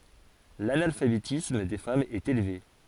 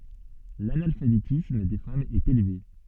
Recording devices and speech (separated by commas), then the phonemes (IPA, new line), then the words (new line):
forehead accelerometer, soft in-ear microphone, read sentence
lanalfabetism de famz ɛt elve
L'analphabétisme des femmes est élevé.